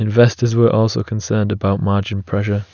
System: none